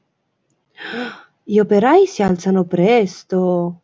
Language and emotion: Italian, surprised